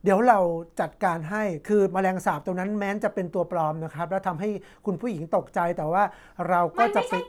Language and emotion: Thai, neutral